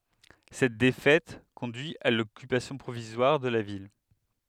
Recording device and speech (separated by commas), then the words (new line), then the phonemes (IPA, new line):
headset microphone, read sentence
Cette défaite conduit à l'occupation provisoire de la ville.
sɛt defɛt kɔ̃dyi a lɔkypasjɔ̃ pʁovizwaʁ də la vil